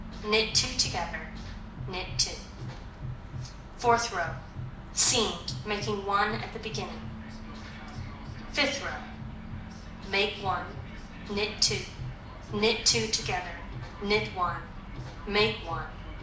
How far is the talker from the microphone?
2.0 m.